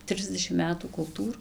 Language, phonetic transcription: Lithuanian, ˈtrisdešim ˈmetų kulˈtūr

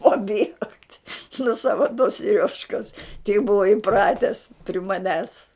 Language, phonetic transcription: Lithuanian, paˈbiegt' nu ˈsava to siˈriožkas tei ˈbuva iˈprates pri maˈnęs

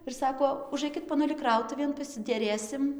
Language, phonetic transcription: Lithuanian, ir saˈko uˈžaikit poˈnuli ˈkrautuvėn pasideˈrėsim

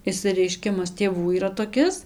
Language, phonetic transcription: Lithuanian, išsireiˈškimas tėˈvų yˈra toˈkis

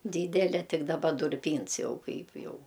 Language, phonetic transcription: Lithuanian, ˈdydele ˈtik daˈba durˈpyns ˈjau ˈkaip ˈjau

